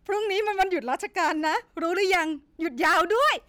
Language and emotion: Thai, happy